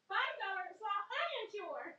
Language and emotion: English, happy